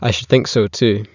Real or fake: real